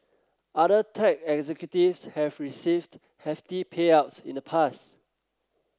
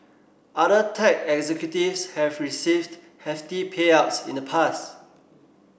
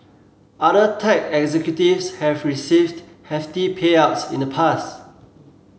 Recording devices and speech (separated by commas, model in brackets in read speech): close-talking microphone (WH30), boundary microphone (BM630), mobile phone (Samsung C7), read sentence